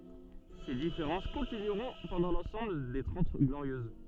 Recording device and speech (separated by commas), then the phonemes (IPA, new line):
soft in-ear microphone, read sentence
se difeʁɑ̃s kɔ̃tinyʁɔ̃ pɑ̃dɑ̃ lɑ̃sɑ̃bl de tʁɑ̃t ɡloʁjøz